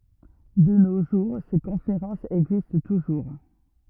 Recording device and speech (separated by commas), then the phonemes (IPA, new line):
rigid in-ear microphone, read sentence
də no ʒuʁ se kɔ̃feʁɑ̃sz ɛɡzist tuʒuʁ